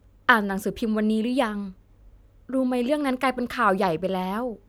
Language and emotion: Thai, neutral